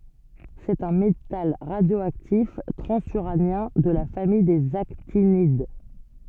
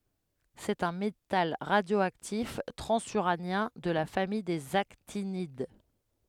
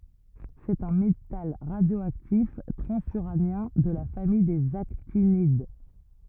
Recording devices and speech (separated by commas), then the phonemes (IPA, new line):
soft in-ear microphone, headset microphone, rigid in-ear microphone, read sentence
sɛt œ̃ metal ʁadjoaktif tʁɑ̃zyʁanjɛ̃ də la famij dez aktinid